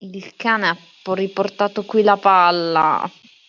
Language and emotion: Italian, disgusted